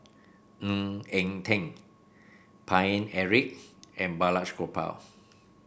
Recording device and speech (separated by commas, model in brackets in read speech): boundary microphone (BM630), read sentence